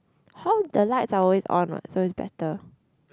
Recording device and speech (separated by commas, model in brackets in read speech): close-talking microphone, conversation in the same room